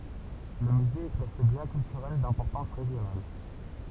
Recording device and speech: temple vibration pickup, read sentence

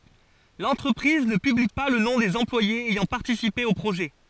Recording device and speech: forehead accelerometer, read sentence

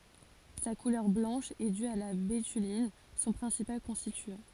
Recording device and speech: forehead accelerometer, read sentence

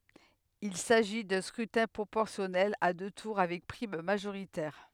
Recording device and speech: headset microphone, read sentence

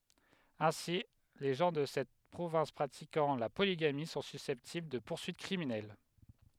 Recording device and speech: headset microphone, read sentence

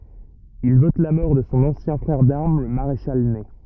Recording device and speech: rigid in-ear microphone, read sentence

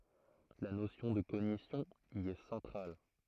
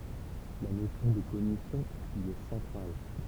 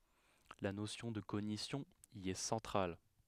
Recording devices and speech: throat microphone, temple vibration pickup, headset microphone, read sentence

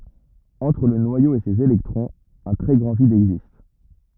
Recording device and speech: rigid in-ear microphone, read sentence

